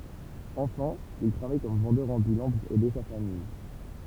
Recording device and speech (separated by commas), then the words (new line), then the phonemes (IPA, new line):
temple vibration pickup, read sentence
Enfant, il travaille comme vendeur ambulant pour aider sa famille.
ɑ̃fɑ̃ il tʁavaj kɔm vɑ̃dœʁ ɑ̃bylɑ̃ puʁ ɛde sa famij